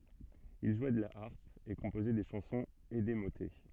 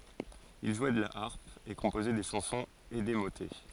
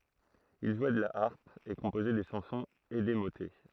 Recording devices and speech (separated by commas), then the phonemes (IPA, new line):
soft in-ear microphone, forehead accelerometer, throat microphone, read sentence
il ʒwɛ də la aʁp e kɔ̃pozɛ de ʃɑ̃sɔ̃z e de motɛ